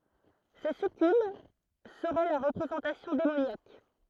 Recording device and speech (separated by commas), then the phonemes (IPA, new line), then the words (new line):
throat microphone, read sentence
se sykyb səʁɛ lœʁ ʁəpʁezɑ̃tasjɔ̃ demonjak
Ces succubes seraient leur représentation démoniaque.